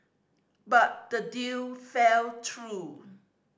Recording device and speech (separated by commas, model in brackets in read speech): standing microphone (AKG C214), read sentence